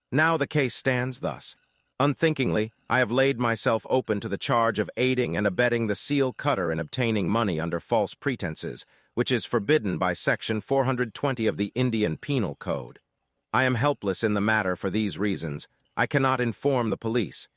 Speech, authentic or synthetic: synthetic